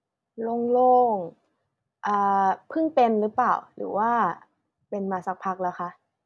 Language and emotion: Thai, neutral